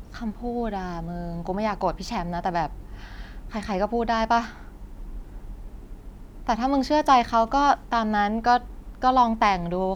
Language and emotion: Thai, frustrated